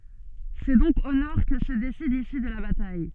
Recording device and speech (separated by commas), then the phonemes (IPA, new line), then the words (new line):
soft in-ear microphone, read sentence
sɛ dɔ̃k o nɔʁ kə sə desid lisy də la bataj
C'est donc au nord que se décide l'issue de la bataille.